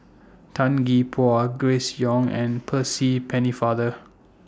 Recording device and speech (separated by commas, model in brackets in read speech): standing microphone (AKG C214), read sentence